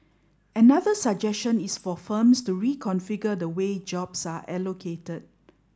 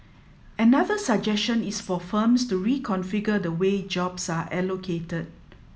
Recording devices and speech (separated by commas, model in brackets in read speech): standing microphone (AKG C214), mobile phone (iPhone 7), read sentence